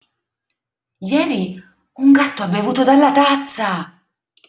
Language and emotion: Italian, surprised